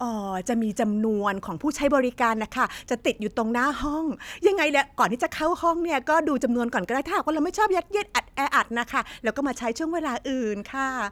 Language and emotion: Thai, happy